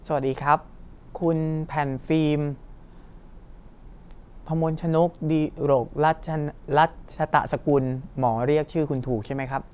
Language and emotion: Thai, neutral